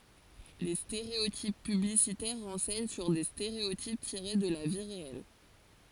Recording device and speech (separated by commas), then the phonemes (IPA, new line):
forehead accelerometer, read sentence
le steʁeotip pyblisitɛʁ ʁɑ̃sɛɲ syʁ de steʁeotip tiʁe də la vi ʁeɛl